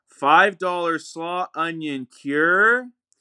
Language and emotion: English, surprised